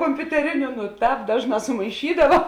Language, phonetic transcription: Lithuanian, kompiuteˈriniu nu ˈtāp ˈdažˌnā sumaiˈšydava

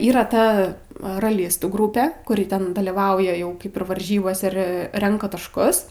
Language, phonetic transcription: Lithuanian, yˈra ˈta raˈlistų ˈgrupe kuˈri ten dalyˈvauja ˈjau ˈkaip ir varˈžybose ˈir ˈrenka tašˈkus

